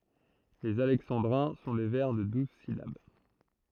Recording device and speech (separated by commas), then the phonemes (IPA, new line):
throat microphone, read sentence
lez alɛksɑ̃dʁɛ̃ sɔ̃ de vɛʁ də duz silab